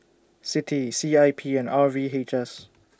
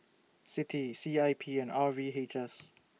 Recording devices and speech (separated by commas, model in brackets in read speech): standing microphone (AKG C214), mobile phone (iPhone 6), read sentence